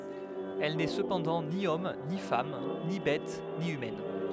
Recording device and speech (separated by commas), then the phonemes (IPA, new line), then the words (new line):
headset microphone, read sentence
ɛl nɛ səpɑ̃dɑ̃ ni ɔm ni fam ni bɛt ni ymɛn
Elle n'est cependant ni homme, ni femme, ni bête, ni humaine.